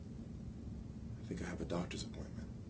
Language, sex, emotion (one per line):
English
male
fearful